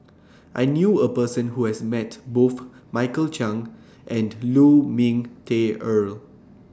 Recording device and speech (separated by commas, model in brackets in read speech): standing microphone (AKG C214), read sentence